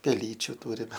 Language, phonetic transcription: Lithuanian, peˈlyčiu ˈtūrime

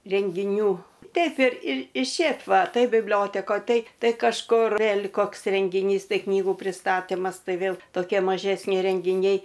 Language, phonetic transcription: Lithuanian, rengiˈnių ˈteip ir ir i ˈšėp ˈva ˈtai bibˈliotekoj ˈtai ˈtai kažˈkur vėl' ˈkoks rengiˈnys ˈtai ˈknygų pristaˈtimas ˈtai ˈvėl toˈkie mažesˈni rengiˈniai

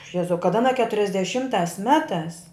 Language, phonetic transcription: Lithuanian, ˈjezau kad aˈna keturiasdeˈšimtās ˈmetās

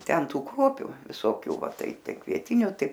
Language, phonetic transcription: Lithuanian, ˈten ˈtų ˈkruopiu visoˈkių ˈva ˈtai ˈtai kvieˈtiniu ˈtai

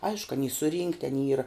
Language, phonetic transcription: Lithuanian, ˈaišku aˈny suˈrynkti aˈny ˈyra

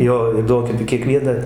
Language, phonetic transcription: Lithuanian, ˈjo į ˈduonkepi kieˈkviena

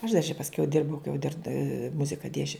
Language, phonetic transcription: Lithuanian, aš dar čia pasˈkiau ˈdirbau kai jau dir ˈmuzika ˈdiesčiau

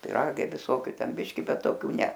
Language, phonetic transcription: Lithuanian, piˈragai viˈsokiu ˈten ˈbiški ˈbet toˈkių ˈne

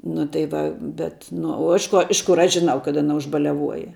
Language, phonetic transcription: Lithuanian, nu tai ˈva bet nu o ˈiš ˌko ˈiš ˌkur ˈaš žiˈnau kad aˈna užbaliaˈvuoja

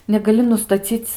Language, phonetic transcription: Lithuanian, negaˈli nustaˈcyc

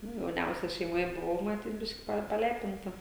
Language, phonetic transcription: Lithuanian, ˈnu jauˈniausia šeimoˈje buˈvau maˈtyt ˈbiški ˈpa paˈlepinta

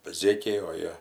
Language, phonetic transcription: Lithuanian, ˈzėkiai o ˈjie

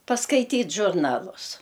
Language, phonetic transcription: Lithuanian, paskaiˈtyt' žurˈnalus

